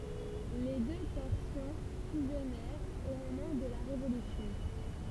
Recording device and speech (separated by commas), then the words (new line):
temple vibration pickup, read sentence
Les deux portions fusionnèrent au moment de la Révolution.